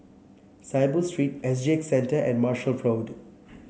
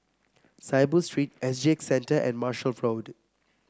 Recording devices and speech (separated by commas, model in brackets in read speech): mobile phone (Samsung C7), close-talking microphone (WH30), read sentence